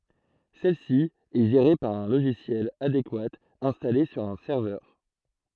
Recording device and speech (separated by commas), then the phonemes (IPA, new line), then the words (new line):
throat microphone, read sentence
sɛl si ɛ ʒeʁe paʁ œ̃ loʒisjɛl adekwa ɛ̃stale syʁ œ̃ sɛʁvœʁ
Celle-ci est gérée par un logiciel adéquat installé sur un serveur.